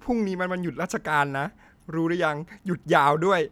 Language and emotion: Thai, sad